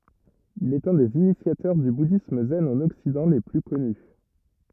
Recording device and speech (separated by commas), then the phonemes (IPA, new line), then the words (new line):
rigid in-ear microphone, read sentence
il ɛt œ̃ dez inisjatœʁ dy budism zɛn ɑ̃n ɔksidɑ̃ le ply kɔny
Il est un des initiateurs du bouddhisme zen en Occident les plus connus.